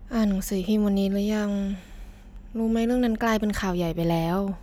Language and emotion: Thai, frustrated